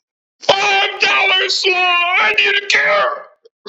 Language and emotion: English, fearful